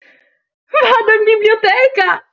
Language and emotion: Italian, happy